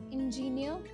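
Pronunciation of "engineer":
'Engineer' is pronounced incorrectly here.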